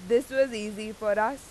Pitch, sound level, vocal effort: 220 Hz, 93 dB SPL, very loud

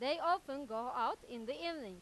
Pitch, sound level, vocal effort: 275 Hz, 98 dB SPL, loud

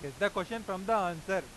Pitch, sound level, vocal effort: 190 Hz, 98 dB SPL, loud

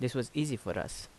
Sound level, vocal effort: 80 dB SPL, normal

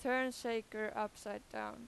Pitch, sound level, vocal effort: 215 Hz, 92 dB SPL, very loud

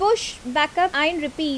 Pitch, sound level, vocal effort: 310 Hz, 86 dB SPL, loud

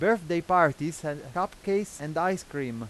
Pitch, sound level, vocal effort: 170 Hz, 93 dB SPL, loud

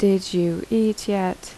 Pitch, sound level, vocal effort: 195 Hz, 79 dB SPL, soft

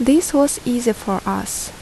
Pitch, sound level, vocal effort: 245 Hz, 76 dB SPL, normal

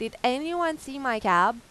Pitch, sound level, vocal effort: 255 Hz, 93 dB SPL, loud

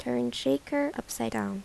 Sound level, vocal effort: 77 dB SPL, soft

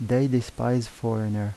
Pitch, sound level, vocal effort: 115 Hz, 82 dB SPL, soft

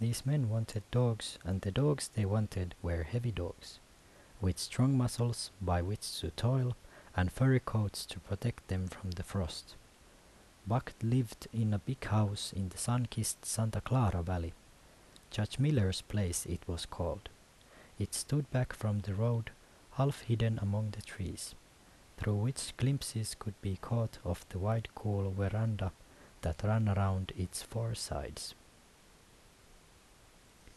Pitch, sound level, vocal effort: 105 Hz, 74 dB SPL, soft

